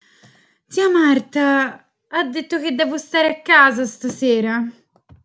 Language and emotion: Italian, fearful